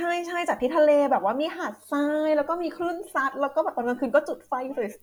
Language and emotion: Thai, happy